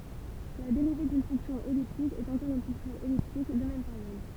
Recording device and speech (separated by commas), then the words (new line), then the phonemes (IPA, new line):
temple vibration pickup, read sentence
La dérivée d'une fonction elliptique est encore une fonction elliptique, de même période.
la deʁive dyn fɔ̃ksjɔ̃ ɛliptik ɛt ɑ̃kɔʁ yn fɔ̃ksjɔ̃ ɛliptik də mɛm peʁjɔd